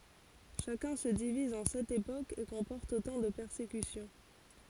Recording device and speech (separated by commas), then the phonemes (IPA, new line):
forehead accelerometer, read sentence
ʃakœ̃ sə diviz ɑ̃ sɛt epokz e kɔ̃pɔʁt otɑ̃ də pɛʁsekysjɔ̃